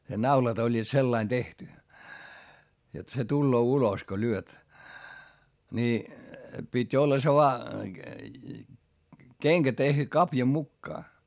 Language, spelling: Finnish, ne naulat olivat sillä lailla tehty jotta se tulee ulos kun lyöt niin piti olla se vain kenkä tehty kavio mukaan
- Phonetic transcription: ne naulat ‿oĺĺiit sellain tehty , jot se tulloo ulos ko lyöt , ńi , pit́ ‿olla se voa , keŋkä tehty kapja mukkaa .

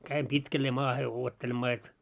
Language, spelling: Finnish, kävin pitkälleen maahan odottelemaan jotta
- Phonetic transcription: 'käim 'pitkällee 'maahe 'uottelemmaa jot ,.

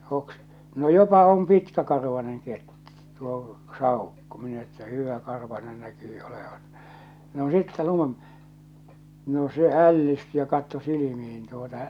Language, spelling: Finnish, - no jopa on pitkäkarvainen - tuo saukko minä että hyväkarvainen näkyy olevan no sitten - no se ällistyi ja katsoi silmiin tuota
- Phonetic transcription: hoks- , » no 'jopa om 'pitkäkarvaneŋ ket- tuo , "sàukko « minä että » 'hỳväkarvanen 'näkyy 'olevan « , no 'sitte 'lun- , no 'se 'ällisty ja katto 'silimih̬in tuota .

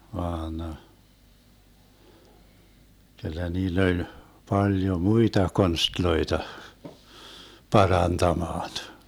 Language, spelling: Finnish, vaan kyllä niillä oli paljon muita konsteja parantamaan
- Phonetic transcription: 'vaan , 'kyllä 'niill ‿oĺ , 'paljo "muita 'konstloita , "parantamaan .

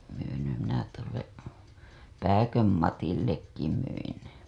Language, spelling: Finnish, myinhän minä tuolle Pääkön Matillekin myin
- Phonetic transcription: (myinhäm) minä tuolle , "Pääköm 'Matillekki myin .

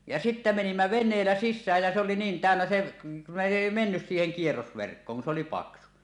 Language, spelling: Finnish, ja sitten menimme veneellä sisään ja se oli niin täynnä se ne ei mennyt siihen kierrosverkkoon kun se oli paksu
- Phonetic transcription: ja sittä menimmä "ven̆neellä "sissääj jä se oli niin 'tä̀önnä 'se , ne 'èi 'mennys siiheŋ 'kierrosverkkooŋ kun s ‿oli "paksu .

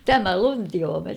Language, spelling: Finnish, tämä luntioimet
- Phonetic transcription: tämä "luntioomet !

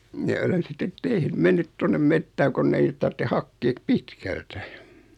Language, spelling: Finnish, minä olen sitten - mennyt tuonne metsään kun ei niitä tarvitse hakea pitkältä
- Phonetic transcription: mi(n)ä olen̬ 'sittet "teh- 'mennyt 'tonnem "mettääŋ konn ‿ei (niit) tartte 'hakkee "pitkältä .

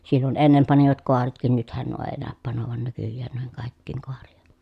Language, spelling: Finnish, silloin ennen panivat kaaretkin nythän nuo ei näy panevan nykyään noihin kaikkiin kaaria
- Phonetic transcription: sillon ennem panivat koaretkin nythän nuo ee nä̀öp panovan nykyjjään nuiheŋ kàikkiiŋ koarijA .

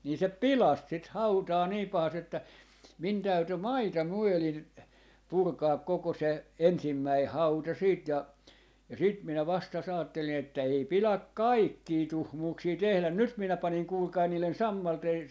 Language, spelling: Finnish, niin se pilasi sitten hautaa niin pahasti että minun täytyi maita myöden purkaa koko se ensimmäinen hauta sitten ja ja sitten minä vasta ajattelin että ei pidä kaikkia tuhmuuksia tehdä nyt minä panin kuulkaa niiden sammalten
- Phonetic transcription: 'nii se "pilas sit "hautaa 'nii 'pahas't ‿että , min 'täyty "maita 'myölin , 'purkaak 'koko se , 'ensimmäi "hauta siit ja , ja sit minä 'vasta's ‿aattelin että » 'ei 'piläk "kaikkii 'tuhmuuksii "tehlän » 'nyt 'minä 'paniŋ 'kuulkai niilen "sammalten ,.

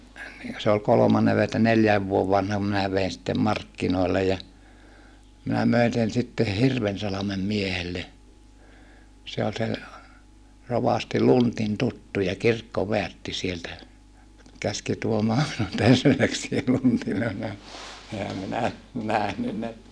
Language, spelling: Finnish, se oli kolmannen - että neljän vuoden vanhan minä vein sitten markkinoille ja minä möin sen sitten Hirvensalmen miehelle se oli sen rovasti Lundin tuttuja kirkkoväärtti sieltä käski tuomaan minun terveisiä Lundille oli vähän enhän minä nähnyt ne
- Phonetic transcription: se ol kolomanne ve - että neljääv vuov vanham minä vein sittem markkinòi̮llej ja , minä möin sen sitte Hirvensalamem miehelle , se ol sen̬ , rovasti Luntin tuttuja kirkkoveärtti sieltä , käski tuomaa minun terveisiä Luntille (ol vähä) , ehä minä , nähnyn ne ,.

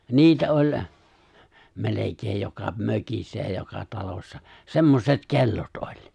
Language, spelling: Finnish, niitä oli melkein joka mökissä ja joka talossa semmoiset kellot oli
- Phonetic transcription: niitä 'oĺ , 'melekeej joka 'mökissä ja joka 'talossa , "semmoset "ke̬llot '’oĺ .

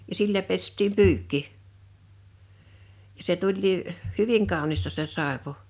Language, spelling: Finnish, ja sillä pestiin pyykki ja se tulikin hyvin kaunista se saippua
- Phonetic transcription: ja 'sillä pestiim "pyykki , ja se 'tuĺlii , "hyviŋ 'kàu̬nista se 'sàepu̬ .

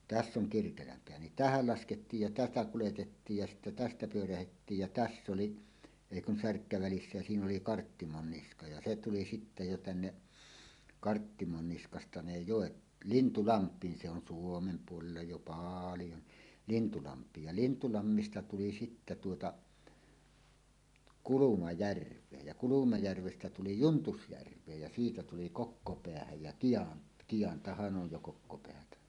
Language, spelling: Finnish, tässä on Kirkelänpää niin tähän laskettiin ja tätä kuljetettiin ja sitten tästä pyörrettiin ja tässä oli ei kun särkkä välissä ja siinä oli Karttimonniska ja se tuli sitten jo tänne Karttimonniskasta ne joet Lintulampiin se on Suomen puolella jo paljon niin Lintulampiin ja Lintulammista tuli sitten tuota Kulumajärveen ja Kulumajärvestä tuli Juntusjärveen ja siitä tuli Kokkopäähän ja - Kiantahan on jo Kokkopäätä
- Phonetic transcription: täss ‿oŋ 'Kirkelämpeä nin "tähäl 'laskettiij ja "tätä 'kuletettiij ja sittä 'tästä 'pyörähettiij jä "täss ‿oli , èi kun 'särkkä 'välissä ja siin ‿oli 'Karttimonniska ja "se 'tuli sittä jo 'tänne , 'Karttimonniskasta ne "jòet "Lintulamp̀iin se on "Suomem 'puolella jo "paaljo ni , 'Lintulamp̀iij ja "Lintulammista 'tuli sittä tuota , "Kuluma"järv̀eej ja 'Kulumajärvestä tuli "Juntusjärv̀eej ja 'siitä tuli "Kokkopeähäj jä 'ki₍an- , 'Kiʲantahan ˀoj jo 'Kokkopeätä .

